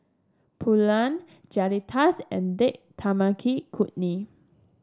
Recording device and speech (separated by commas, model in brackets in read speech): standing microphone (AKG C214), read sentence